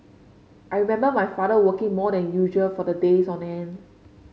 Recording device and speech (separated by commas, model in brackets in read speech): mobile phone (Samsung C5), read sentence